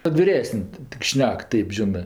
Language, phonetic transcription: Lithuanian, kad viˈresən' tik ˈšnek ˈtaip ˈžinɜ

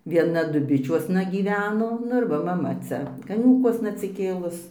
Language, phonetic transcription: Lithuanian, vieˈna duˈbičiuosna gyˈveno ˈnu ir ˈva maˈma ˈcia kaˈniūkuosna atsiˈkėlus

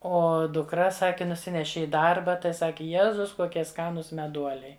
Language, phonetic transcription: Lithuanian, ˈo dukˈra ˈsaki nuˈsineši i ˈdarba tai ˈsaki ˈjezus koˈkie ˈskanūs meˈduoliai

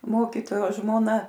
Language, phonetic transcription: Lithuanian, ˈmokytojo žmoˈna

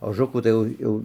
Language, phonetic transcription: Lithuanian, oˈžukų tai ˈjau ˈjau

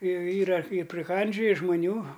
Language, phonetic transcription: Lithuanian, ˈjau ˈyra i priˈkandžioji žmaˈnių

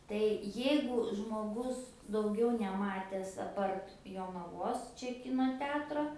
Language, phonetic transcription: Lithuanian, tai ˈjeigu žmoˈgus dauˈgiau neˈmates aˈpart jonaˈvos ˈčia ˈkino ˈteatro

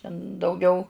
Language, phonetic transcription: Lithuanian, ten dauˈgiau

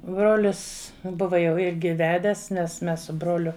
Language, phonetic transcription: Lithuanian, ˈbrolis ˈbuva jau ˈirgi ˈvedes nes ˈmes su ˈbroliu

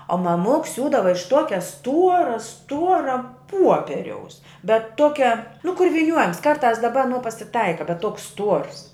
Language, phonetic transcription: Lithuanian, o maˈmuks ˈsiūdava iš ˈtuokia ˈstuora ˈstuora ˈpuoperiaus bet ˈtokia nu kur vyˈniuojams karˈtās daˈba aˈnuo pasiˈtaika bet ˈtuoks ˈstuors

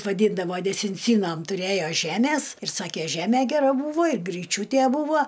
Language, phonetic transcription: Lithuanian, vaˈdyndavo desinˈcynom tuˈrėjo ˈžemės ir ˈsakė ˈžeme geˈra ˈbūvo ir gryˈčiūtė ˈbūvo

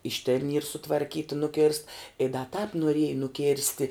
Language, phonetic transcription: Lithuanian, iš tėn yr sutvarˈkyta nuˈkėrst i da tāp noˈrieja nuˈkėrsti

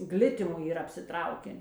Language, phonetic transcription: Lithuanian, ˈglitimu yˈra apsiˈtrauken

